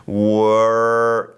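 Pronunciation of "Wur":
'Wur' is said the American English way, with the R pronounced: the vowel is a diphthong that moves into an er sound as it finishes.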